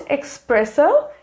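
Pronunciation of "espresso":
'Espresso' is pronounced incorrectly here.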